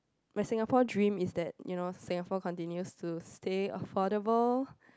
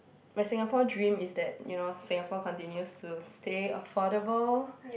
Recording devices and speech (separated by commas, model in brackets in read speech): close-talking microphone, boundary microphone, conversation in the same room